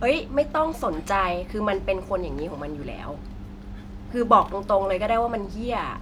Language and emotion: Thai, frustrated